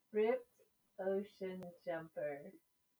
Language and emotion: English, happy